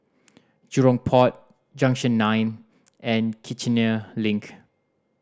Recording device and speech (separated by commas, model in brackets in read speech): standing microphone (AKG C214), read sentence